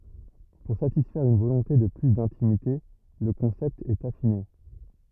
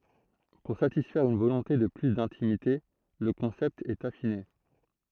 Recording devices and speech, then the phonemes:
rigid in-ear microphone, throat microphone, read sentence
puʁ satisfɛʁ yn volɔ̃te də ply dɛ̃timite lə kɔ̃sɛpt ɛt afine

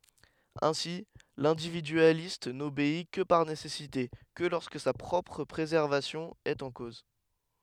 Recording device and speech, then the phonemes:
headset microphone, read sentence
ɛ̃si lɛ̃dividyalist nobei kə paʁ nesɛsite kə lɔʁskə sa pʁɔpʁ pʁezɛʁvasjɔ̃ ɛt ɑ̃ koz

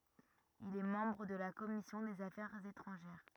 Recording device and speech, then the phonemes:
rigid in-ear microphone, read sentence
il ɛ mɑ̃bʁ də la kɔmisjɔ̃ dez afɛʁz etʁɑ̃ʒɛʁ

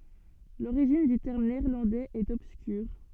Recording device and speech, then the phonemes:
soft in-ear microphone, read sentence
loʁiʒin dy tɛʁm neɛʁlɑ̃dɛz ɛt ɔbskyʁ

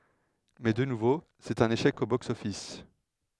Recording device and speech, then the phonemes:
headset microphone, read sentence
mɛ də nuvo sɛt œ̃n eʃɛk o bɔks ɔfis

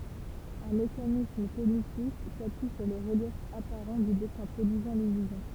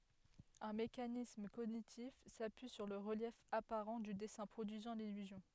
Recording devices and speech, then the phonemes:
temple vibration pickup, headset microphone, read sentence
œ̃ mekanism koɲitif sapyi syʁ lə ʁəljɛf apaʁɑ̃ dy dɛsɛ̃ pʁodyizɑ̃ lilyzjɔ̃

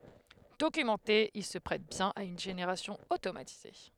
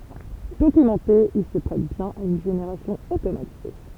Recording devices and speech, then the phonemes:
headset microphone, temple vibration pickup, read sentence
dokymɑ̃te il sə pʁɛt bjɛ̃n a yn ʒeneʁasjɔ̃ otomatize

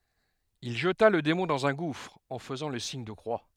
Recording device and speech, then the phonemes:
headset microphone, read sentence
il ʒəta lə demɔ̃ dɑ̃z œ̃ ɡufʁ ɑ̃ fəzɑ̃ lə siɲ də kʁwa

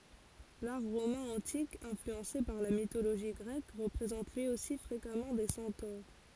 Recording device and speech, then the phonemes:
forehead accelerometer, read sentence
laʁ ʁomɛ̃ ɑ̃tik ɛ̃flyɑ̃se paʁ la mitoloʒi ɡʁɛk ʁəpʁezɑ̃t lyi osi fʁekamɑ̃ de sɑ̃toʁ

